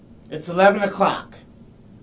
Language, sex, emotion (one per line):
English
male
neutral